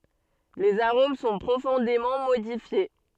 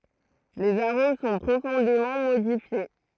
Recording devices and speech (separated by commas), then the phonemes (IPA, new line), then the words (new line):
soft in-ear microphone, throat microphone, read sentence
lez aʁom sɔ̃ pʁofɔ̃demɑ̃ modifje
Les arômes sont profondément modifiés.